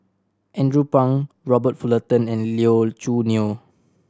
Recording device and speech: standing microphone (AKG C214), read sentence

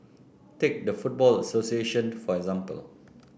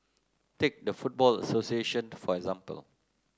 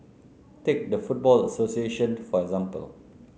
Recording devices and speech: boundary microphone (BM630), close-talking microphone (WH30), mobile phone (Samsung C9), read sentence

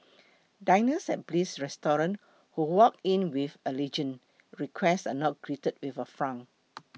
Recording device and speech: mobile phone (iPhone 6), read sentence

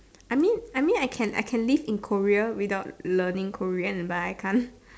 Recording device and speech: standing microphone, conversation in separate rooms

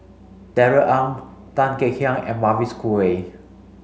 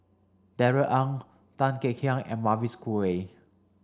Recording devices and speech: mobile phone (Samsung C5), standing microphone (AKG C214), read sentence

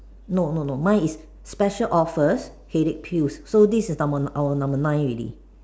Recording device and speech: standing microphone, conversation in separate rooms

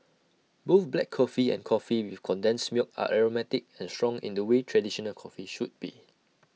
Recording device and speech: mobile phone (iPhone 6), read sentence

